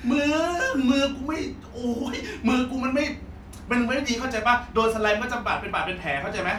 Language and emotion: Thai, happy